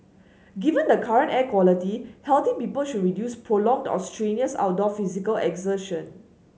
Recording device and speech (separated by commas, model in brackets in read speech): mobile phone (Samsung S8), read sentence